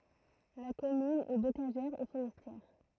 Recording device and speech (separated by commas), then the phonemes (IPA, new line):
throat microphone, read sentence
la kɔmyn ɛ bokaʒɛʁ e foʁɛstjɛʁ